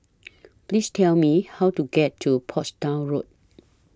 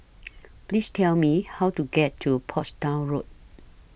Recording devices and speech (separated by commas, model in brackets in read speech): standing microphone (AKG C214), boundary microphone (BM630), read sentence